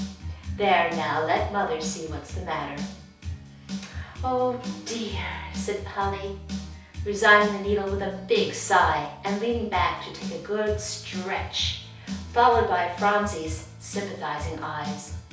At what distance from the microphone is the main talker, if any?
3.0 m.